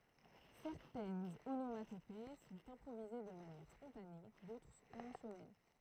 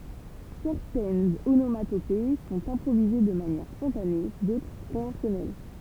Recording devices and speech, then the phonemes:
throat microphone, temple vibration pickup, read sentence
sɛʁtɛnz onomatope sɔ̃t ɛ̃pʁovize də manjɛʁ spɔ̃tane dotʁ sɔ̃ kɔ̃vɑ̃sjɔnɛl

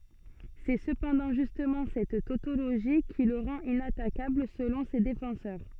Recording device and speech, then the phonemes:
soft in-ear microphone, read sentence
sɛ səpɑ̃dɑ̃ ʒystmɑ̃ sɛt totoloʒi ki lə ʁɑ̃t inatakabl səlɔ̃ se defɑ̃sœʁ

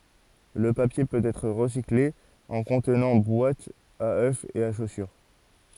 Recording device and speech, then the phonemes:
forehead accelerometer, read sentence
lə papje pøt ɛtʁ ʁəsikle ɑ̃ kɔ̃tnɑ̃ bwatz a ø e a ʃosyʁ

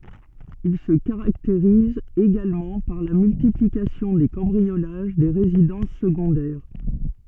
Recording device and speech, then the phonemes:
soft in-ear microphone, read sentence
il sə kaʁakteʁiz eɡalmɑ̃ paʁ la myltiplikasjɔ̃ de kɑ̃bʁiolaʒ de ʁezidɑ̃s səɡɔ̃dɛʁ

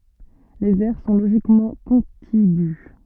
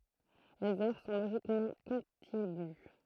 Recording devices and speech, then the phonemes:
soft in-ear microphone, throat microphone, read sentence
lez ɛʁ sɔ̃ loʒikmɑ̃ kɔ̃tiɡy

